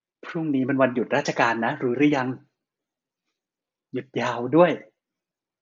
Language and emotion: Thai, happy